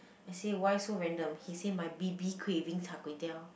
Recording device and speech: boundary microphone, conversation in the same room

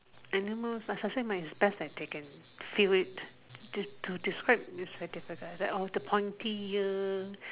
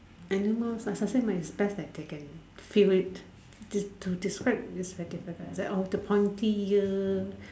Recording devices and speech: telephone, standing microphone, conversation in separate rooms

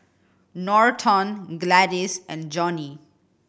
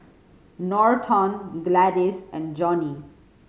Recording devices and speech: boundary microphone (BM630), mobile phone (Samsung C5010), read sentence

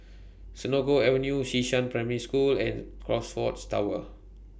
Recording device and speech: boundary microphone (BM630), read sentence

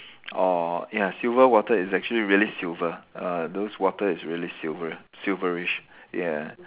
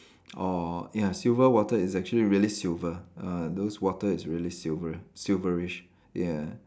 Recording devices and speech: telephone, standing microphone, conversation in separate rooms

